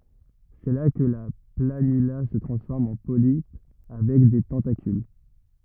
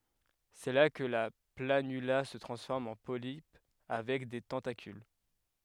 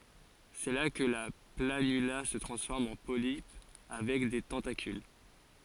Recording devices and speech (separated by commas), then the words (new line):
rigid in-ear microphone, headset microphone, forehead accelerometer, read sentence
C’est là que la planula se transforme en polype avec des tentacules.